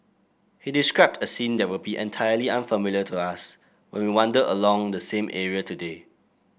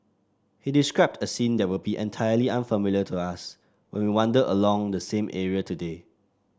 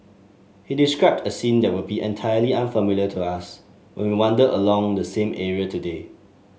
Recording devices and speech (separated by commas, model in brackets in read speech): boundary microphone (BM630), standing microphone (AKG C214), mobile phone (Samsung S8), read sentence